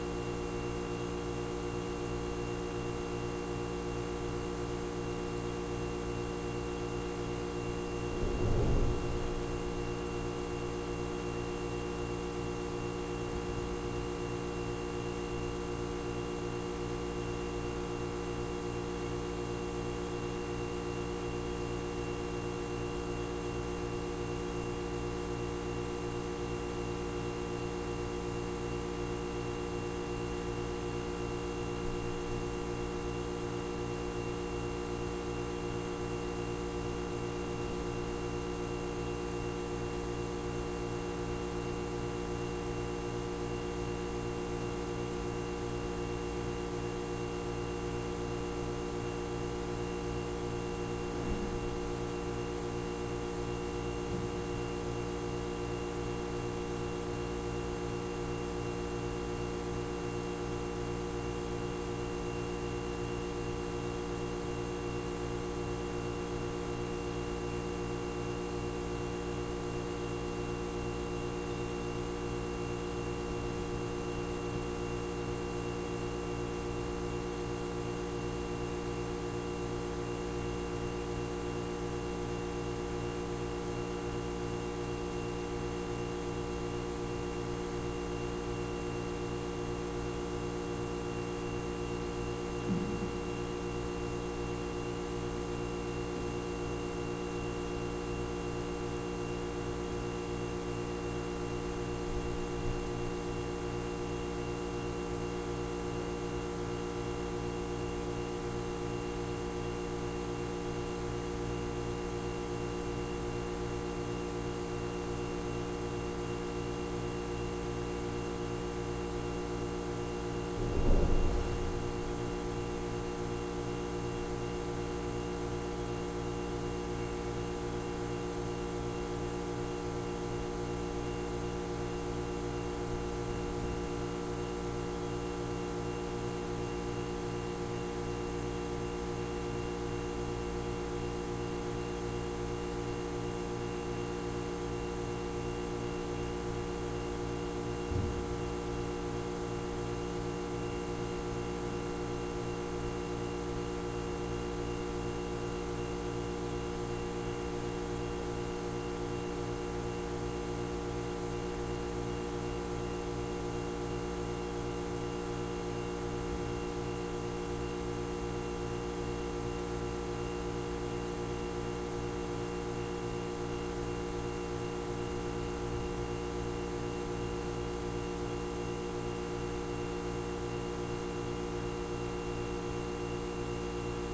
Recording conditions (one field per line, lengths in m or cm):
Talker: no one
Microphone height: 76 cm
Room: very reverberant, large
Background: none